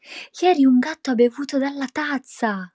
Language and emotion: Italian, surprised